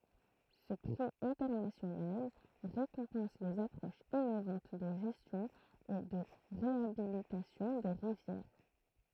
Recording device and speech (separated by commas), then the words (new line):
throat microphone, read sentence
Ce prix international récompense les approches innovantes de gestion et de réhabilitation des rivières.